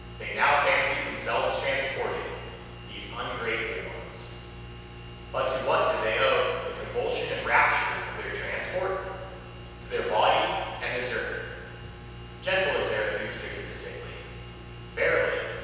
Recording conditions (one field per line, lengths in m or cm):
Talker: one person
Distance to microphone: 7.1 m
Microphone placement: far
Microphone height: 1.7 m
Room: very reverberant, large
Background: none